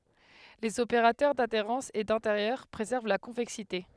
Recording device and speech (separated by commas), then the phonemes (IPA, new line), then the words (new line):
headset microphone, read sentence
lez opeʁatœʁ dadeʁɑ̃s e dɛ̃teʁjœʁ pʁezɛʁv la kɔ̃vɛksite
Les opérateurs d'adhérence et d'intérieur préservent la convexité.